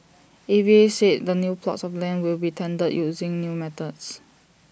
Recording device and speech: boundary microphone (BM630), read sentence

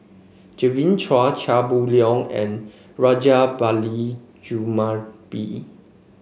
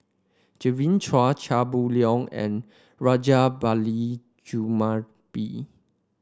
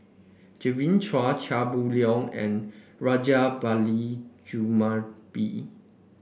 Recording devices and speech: mobile phone (Samsung C5), standing microphone (AKG C214), boundary microphone (BM630), read sentence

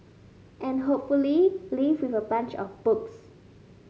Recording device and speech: mobile phone (Samsung S8), read sentence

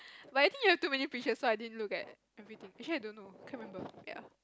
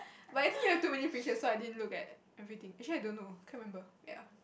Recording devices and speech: close-talking microphone, boundary microphone, conversation in the same room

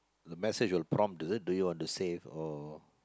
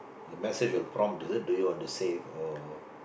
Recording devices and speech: close-talking microphone, boundary microphone, conversation in the same room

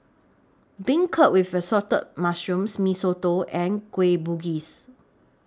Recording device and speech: standing microphone (AKG C214), read sentence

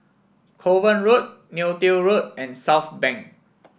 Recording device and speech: boundary microphone (BM630), read sentence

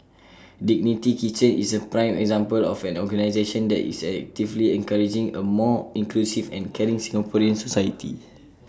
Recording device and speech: standing microphone (AKG C214), read sentence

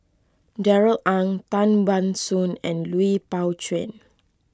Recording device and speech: close-talking microphone (WH20), read sentence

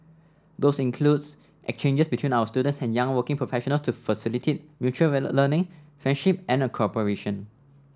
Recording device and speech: standing microphone (AKG C214), read sentence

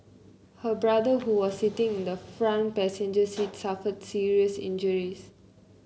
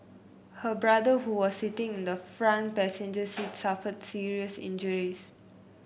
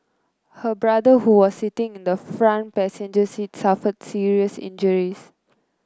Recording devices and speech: mobile phone (Samsung C9), boundary microphone (BM630), close-talking microphone (WH30), read sentence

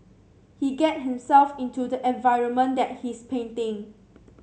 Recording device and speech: mobile phone (Samsung C7), read sentence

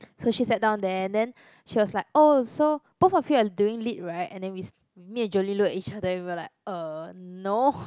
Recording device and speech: close-talking microphone, conversation in the same room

